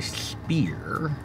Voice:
lisping